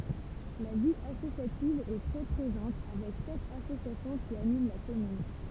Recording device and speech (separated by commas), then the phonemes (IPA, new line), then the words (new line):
temple vibration pickup, read sentence
la vi asosjativ ɛ tʁɛ pʁezɑ̃t avɛk sɛt asosjasjɔ̃ ki anim la kɔmyn
La vie associative est très présente avec sept associations qui animent la commune.